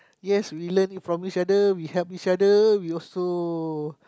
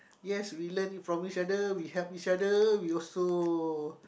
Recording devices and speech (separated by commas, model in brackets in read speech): close-talking microphone, boundary microphone, conversation in the same room